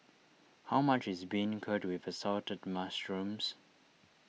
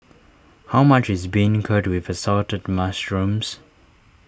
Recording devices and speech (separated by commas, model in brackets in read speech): mobile phone (iPhone 6), standing microphone (AKG C214), read sentence